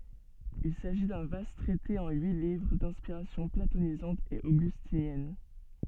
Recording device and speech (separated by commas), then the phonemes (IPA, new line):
soft in-ear microphone, read sentence
il saʒi dœ̃ vast tʁɛte ɑ̃ yi livʁ dɛ̃spiʁasjɔ̃ platonizɑ̃t e oɡystinjɛn